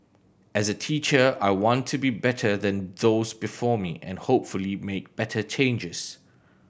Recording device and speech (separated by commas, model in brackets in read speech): boundary microphone (BM630), read sentence